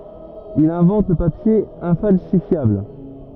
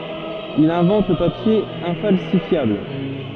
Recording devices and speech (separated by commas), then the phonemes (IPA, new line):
rigid in-ear microphone, soft in-ear microphone, read sentence
il ɛ̃vɑ̃t lə papje ɛ̃falsifjabl